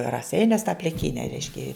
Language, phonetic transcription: Lithuanian, raˈseiniuos tą pliˈkyne ˈreiškia

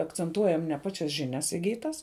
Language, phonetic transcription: Lithuanian, akcenˈtuojam ne ˈpačias žiˈnias iˈgytas

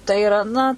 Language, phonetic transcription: Lithuanian, tai iˈra ˈna

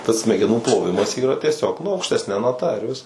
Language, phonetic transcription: Lithuanian, tas smegeˈnų ploˈvimas ˈyra tieˈsiog nu aukštesˈne naˈta ir ˈviskas

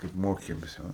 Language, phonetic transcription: Lithuanian, kaip ˈmokėmės ˈjau

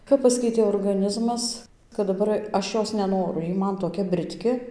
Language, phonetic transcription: Lithuanian, kap ˈpaskeitė orgaˈnizmas kad daˈbar ˈaš ˈjos neˈnoru ˈjy ˈman toˈkia britˈki

